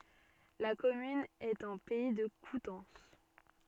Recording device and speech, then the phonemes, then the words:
soft in-ear microphone, read sentence
la kɔmyn ɛt ɑ̃ pɛi də kutɑ̃s
La commune est en Pays de Coutances.

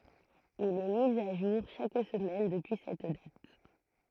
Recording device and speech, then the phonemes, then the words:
throat microphone, read sentence
il ɛ mi a ʒuʁ ʃak səmɛn dəpyi sɛt dat
Il est mis à jour chaque semaine depuis cette date.

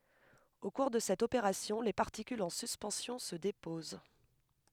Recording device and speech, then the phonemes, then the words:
headset microphone, read sentence
o kuʁ də sɛt opeʁasjɔ̃ le paʁtikylz ɑ̃ syspɑ̃sjɔ̃ sə depoz
Au cours de cette opération, les particules en suspension se déposent.

